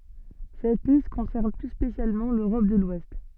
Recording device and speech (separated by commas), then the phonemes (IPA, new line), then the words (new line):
soft in-ear microphone, read sentence
sɛt list kɔ̃sɛʁn ply spesjalmɑ̃ løʁɔp də lwɛst
Cette liste concerne plus spécialement l'Europe de l'Ouest.